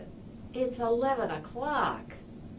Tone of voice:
disgusted